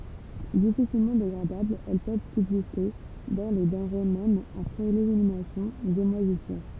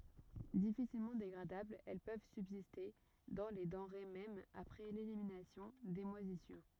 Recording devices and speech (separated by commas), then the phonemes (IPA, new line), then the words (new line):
temple vibration pickup, rigid in-ear microphone, read sentence
difisilmɑ̃ deɡʁadablz ɛl pøv sybziste dɑ̃ le dɑ̃ʁe mɛm apʁɛ leliminasjɔ̃ de mwazisyʁ
Difficilement dégradables, elles peuvent subsister dans les denrées même après l'élimination des moisissures.